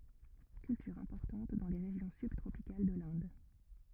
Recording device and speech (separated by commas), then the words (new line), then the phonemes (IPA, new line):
rigid in-ear microphone, read sentence
Culture importante dans les régions subtropicales de l'Inde.
kyltyʁ ɛ̃pɔʁtɑ̃t dɑ̃ le ʁeʒjɔ̃ sybtʁopikal də lɛ̃d